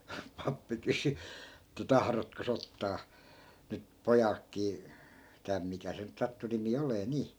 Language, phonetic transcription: Finnish, 'pappi 'kysy , että » "tahrotko's ‿ottaa » , nyt , 'pojalkkii , » 'täm » 'mikä se nyt 'sattu 'nimi olee 'nii .
- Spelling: pappi kysyi että tahdotkos ottaa nyt pojaltakin tämä mikä se nyt sattui nimi olemaan niin

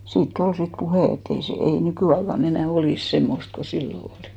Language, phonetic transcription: Finnish, 'siit"t ‿ol 'sit 'puhè ett ‿ei se , ei "nykỳaika'n ‿enä̀ "olìs 'semmost ko "sillo olì .
- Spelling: siitä oli sitten puhe että ei se ei nykyaikana enää olisi semmoista kuin silloin oli

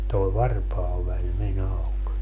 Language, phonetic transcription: Finnish, toe 'varpaaväĺ me'n ‿auk .
- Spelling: tuo varpaanväli meni auki

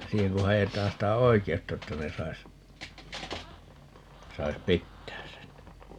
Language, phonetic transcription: Finnish, 'siiheŋ ku 'hajetaan 'sitä "oike₍utta 'että ne 'sais , 'sais "pittääs sen .
- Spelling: siihen kun haetaan sitä oikeutta että ne saisi saisi pitää sen

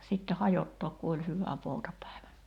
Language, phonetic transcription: Finnish, ja 'sitte 'hajottook ku oĺ 'hyvä 'poutapä̀ivä .
- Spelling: ja sitten hajottaa kun oli hyvä poutapäivä

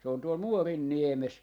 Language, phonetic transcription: Finnish, se on tuol 'Muorin"niemes .
- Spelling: se on tuolla Muorinniemessä

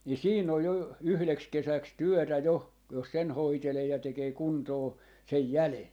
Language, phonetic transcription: Finnish, nii 'siin ‿oj 'jo , 'yhleks 'kesäks "työtä 'jo , jos sen 'hoitelee ja 'tekee "kuntoo , 'sej "jäle .
- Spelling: niin siinä on jo yhdeksi kesäksi työtä jo jos sen hoitelee ja tekee kuntoon sen jäljen

